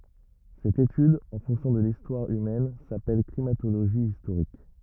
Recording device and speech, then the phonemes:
rigid in-ear microphone, read sentence
sɛt etyd ɑ̃ fɔ̃ksjɔ̃ də listwaʁ ymɛn sapɛl klimatoloʒi istoʁik

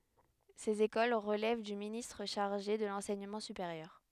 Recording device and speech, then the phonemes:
headset microphone, read sentence
sez ekol ʁəlɛv dy ministʁ ʃaʁʒe də lɑ̃sɛɲəmɑ̃ sypeʁjœʁ

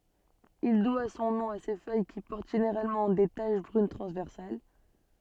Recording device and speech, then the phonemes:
soft in-ear microphone, read sentence
il dwa sɔ̃ nɔ̃ a se fœj ki pɔʁt ʒeneʁalmɑ̃ de taʃ bʁyn tʁɑ̃zvɛʁsal

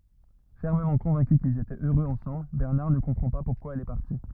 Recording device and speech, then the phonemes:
rigid in-ear microphone, read sentence
fɛʁməmɑ̃ kɔ̃vɛ̃ky kilz etɛt øʁøz ɑ̃sɑ̃bl bɛʁnaʁ nə kɔ̃pʁɑ̃ pa puʁkwa ɛl ɛ paʁti

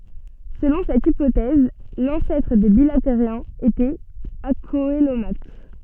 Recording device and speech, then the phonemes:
soft in-ear microphone, read sentence
səlɔ̃ sɛt ipotɛz lɑ̃sɛtʁ de bilateʁjɛ̃z etɛt akoəlomat

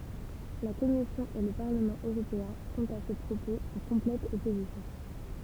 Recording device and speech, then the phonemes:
temple vibration pickup, read sentence
la kɔmisjɔ̃ e lə paʁləmɑ̃ øʁopeɛ̃ sɔ̃t a sə pʁopoz ɑ̃ kɔ̃plɛt ɔpozisjɔ̃

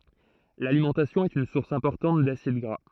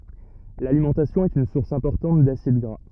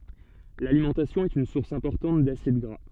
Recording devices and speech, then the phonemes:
throat microphone, rigid in-ear microphone, soft in-ear microphone, read sentence
lalimɑ̃tasjɔ̃ ɛt yn suʁs ɛ̃pɔʁtɑ̃t dasid ɡʁa

